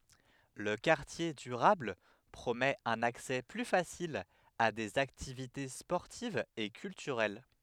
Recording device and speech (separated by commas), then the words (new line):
headset microphone, read sentence
Le quartier durable promet un accès plus facile à des activités sportives et culturelles.